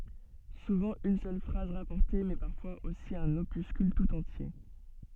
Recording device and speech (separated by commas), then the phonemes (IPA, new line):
soft in-ear microphone, read sentence
suvɑ̃ yn sœl fʁaz ʁapɔʁte mɛ paʁfwaz osi œ̃n opyskyl tut ɑ̃tje